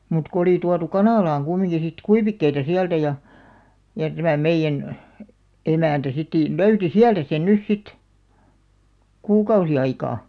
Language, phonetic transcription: Finnish, mut ko oli 'tuatu "kanàlaaŋ ɢummiŋɢi sit "kuivikkeita 'siältä ja , ja tämä̀ 'meⁱjjän , 'emä̀ntä sitt(e) , 'löyti "siältä sen 'nys 'sit , 'kuukausi 'aikaa ,.
- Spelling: mutta kun oli tuotu kanalaan kumminkin sitten kuivikkeita sieltä ja ja tämä meidän emäntä sitten löysi sieltä sen nyt sitten kuukausi aikaa

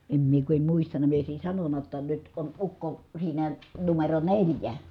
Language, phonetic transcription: Finnish, em mie ku em muistana mie òi̮sin̬ sanonna ‿tta , nyt on ukko , siinä , numero neĺjä .
- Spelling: en minä kun en muistanut minä olisin sanonut jotta nyt on ukko siinä numero neljä

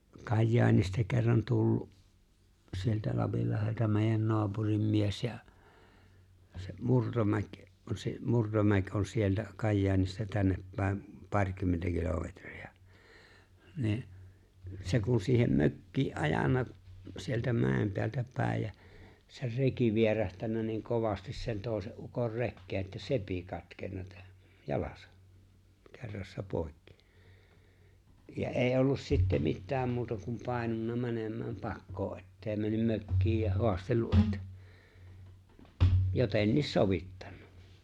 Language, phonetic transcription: Finnish, 'Kajjaanista kerran tullu’ , sieltä 'Lapillahelta mèi̬jän 'noapurim 'mies ja , se 'Murtomäk̀ , (on) se 'Murtomäk̀ ’on 'sieltä , 'Kajjaanista 'tänneppä̀em , 'paŕkymmentä kilometri₍a , niin , 'se kun siihem 'mökkii’ '’ajana , sieltä 'mä̀em peältä 'pä̀ej ja , ser "reki 'vierähtännä niiŋ 'kovastis sen "tòese’ ’ukor 'rekkee’ ’että "sepi 'katkenna , tä- "jalas , 'kerrassa 'pòikkɪ , ja '’è̬i '’ollus sitte "mittääm 'muuta kum 'pài̬nunna 'mänem̀ääm "pakkoo’ ’et't ‿eeⁱ männym 'mökkiij ja 'hoastellu’ ’ettᴀ̈ , 'jotenniis "sovittᴀɴɴᴀ .
- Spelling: Kajaanista kerran tullut sieltä Lapinlahdelta meidän naapurin mies ja se Murtomäki on se Murtomäki on sieltä Kajaanista tännepäin parikymmentä kilometriä niin se kun siihen mökkiin ajanut sieltä mäen päältä päin ja sen reki vierähtänyt niin kovasti sen toisen ukon rekeen että sepi katkennut - jalas kerrassaan poikki ja ei ollut sitten mitään muuta kuin painunut menemään pakoon että ei mennyt mökkiin ja haastatellut että jotenkin sovittanut

